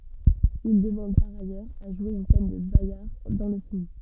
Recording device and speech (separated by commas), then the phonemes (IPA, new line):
soft in-ear microphone, read sentence
il dəmɑ̃d paʁ ajœʁz a ʒwe yn sɛn də baɡaʁ dɑ̃ lə film